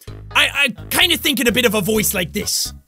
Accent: Gruff voice with a New York accent